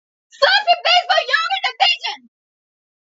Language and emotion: English, happy